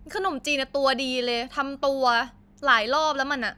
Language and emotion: Thai, angry